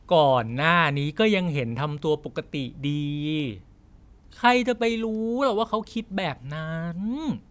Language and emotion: Thai, frustrated